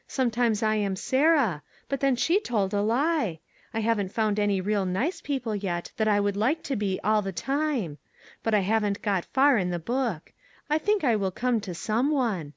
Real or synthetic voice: real